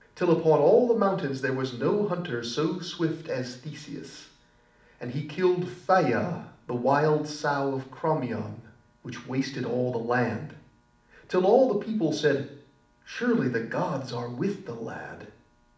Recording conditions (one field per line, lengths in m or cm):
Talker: one person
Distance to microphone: 2.0 m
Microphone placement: close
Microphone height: 99 cm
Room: medium-sized (5.7 m by 4.0 m)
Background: none